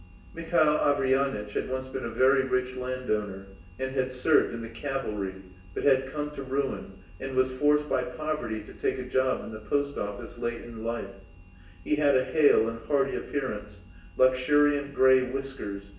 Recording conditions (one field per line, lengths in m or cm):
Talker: one person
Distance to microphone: 1.8 m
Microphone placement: close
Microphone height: 1.0 m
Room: large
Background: none